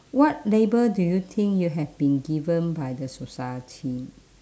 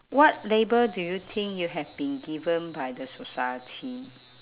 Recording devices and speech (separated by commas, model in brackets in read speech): standing microphone, telephone, conversation in separate rooms